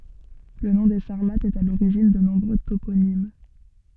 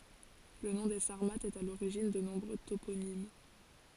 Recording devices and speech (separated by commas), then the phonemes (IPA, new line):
soft in-ear microphone, forehead accelerometer, read sentence
lə nɔ̃ de saʁmatz ɛt a loʁiʒin də nɔ̃bʁø toponim